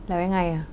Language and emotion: Thai, frustrated